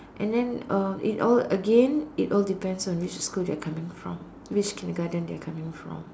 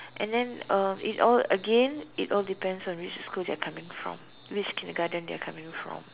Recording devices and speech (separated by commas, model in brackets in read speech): standing microphone, telephone, conversation in separate rooms